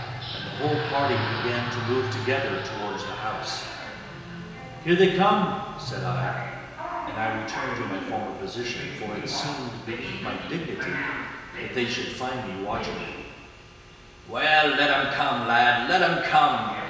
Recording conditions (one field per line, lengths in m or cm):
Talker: one person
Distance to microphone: 1.7 m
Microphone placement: close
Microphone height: 1.0 m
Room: very reverberant, large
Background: television